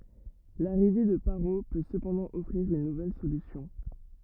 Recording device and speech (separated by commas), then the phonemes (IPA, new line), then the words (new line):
rigid in-ear microphone, read sentence
laʁive də paʁo pø səpɑ̃dɑ̃ ɔfʁiʁ yn nuvɛl solysjɔ̃
L'arrivée de Parrot peut cependant offrir une nouvelle solution.